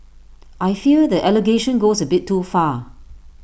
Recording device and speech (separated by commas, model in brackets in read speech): boundary microphone (BM630), read sentence